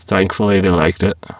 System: VC, spectral filtering